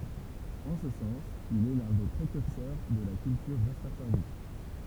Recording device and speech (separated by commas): temple vibration pickup, read sentence